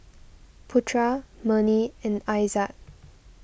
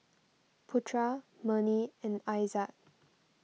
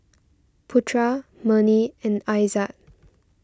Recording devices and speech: boundary microphone (BM630), mobile phone (iPhone 6), standing microphone (AKG C214), read sentence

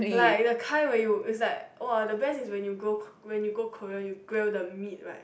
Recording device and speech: boundary microphone, conversation in the same room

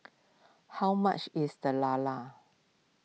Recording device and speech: mobile phone (iPhone 6), read sentence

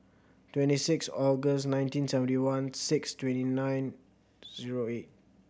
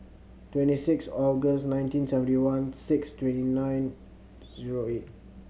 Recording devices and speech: boundary microphone (BM630), mobile phone (Samsung C7100), read sentence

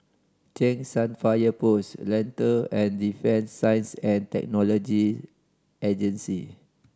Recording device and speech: standing microphone (AKG C214), read sentence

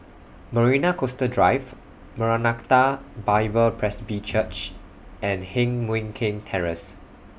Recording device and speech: boundary microphone (BM630), read sentence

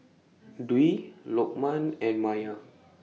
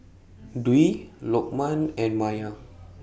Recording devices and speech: mobile phone (iPhone 6), boundary microphone (BM630), read sentence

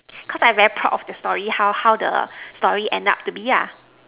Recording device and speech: telephone, conversation in separate rooms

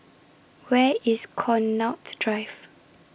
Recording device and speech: boundary microphone (BM630), read sentence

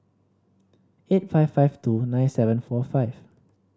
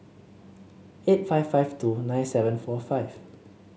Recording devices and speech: standing microphone (AKG C214), mobile phone (Samsung C7), read sentence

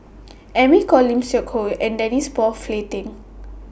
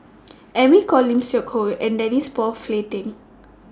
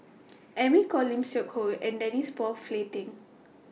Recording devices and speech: boundary microphone (BM630), standing microphone (AKG C214), mobile phone (iPhone 6), read sentence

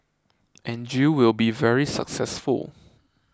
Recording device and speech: close-talking microphone (WH20), read sentence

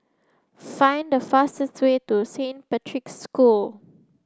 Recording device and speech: close-talking microphone (WH30), read sentence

